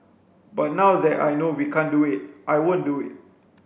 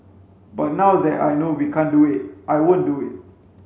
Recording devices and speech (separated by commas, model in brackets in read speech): boundary microphone (BM630), mobile phone (Samsung C5), read sentence